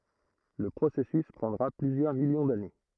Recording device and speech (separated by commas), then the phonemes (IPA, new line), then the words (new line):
throat microphone, read sentence
lə pʁosɛsys pʁɑ̃dʁa plyzjœʁ miljɔ̃ dane
Le processus prendra plusieurs millions d'années.